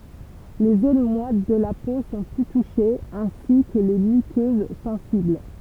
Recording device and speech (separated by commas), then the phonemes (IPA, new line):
temple vibration pickup, read sentence
le zon mwat də la po sɔ̃ ply tuʃez ɛ̃si kə le mykøz sɑ̃sibl